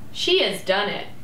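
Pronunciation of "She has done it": In 'She has done it', the intonation goes up.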